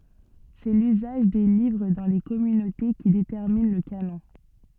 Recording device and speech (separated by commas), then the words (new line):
soft in-ear microphone, read sentence
C'est l'usage des livres dans les communautés qui détermine le canon.